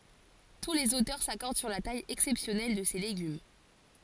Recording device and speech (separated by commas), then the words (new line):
forehead accelerometer, read sentence
Tous les auteurs s'accordent sur la taille exceptionnelle de ces légumes.